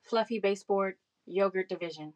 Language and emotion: English, surprised